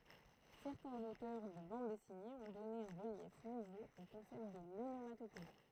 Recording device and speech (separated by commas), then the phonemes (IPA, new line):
throat microphone, read sentence
sɛʁtɛ̃z otœʁ də bɑ̃d dɛsinez ɔ̃ dɔne œ̃ ʁəljɛf nuvo o kɔ̃sɛpt də lonomatope